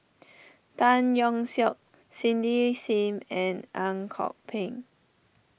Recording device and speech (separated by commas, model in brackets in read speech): boundary microphone (BM630), read sentence